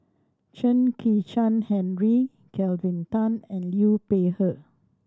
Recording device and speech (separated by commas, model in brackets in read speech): standing microphone (AKG C214), read sentence